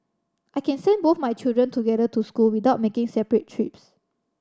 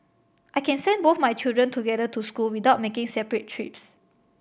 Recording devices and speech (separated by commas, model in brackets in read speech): standing microphone (AKG C214), boundary microphone (BM630), read sentence